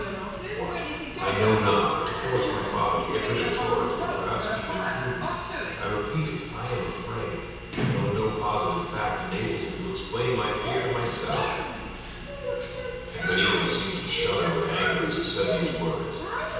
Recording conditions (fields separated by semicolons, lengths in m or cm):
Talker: one person; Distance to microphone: 7.1 m; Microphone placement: far; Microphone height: 1.7 m; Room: very reverberant, large; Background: television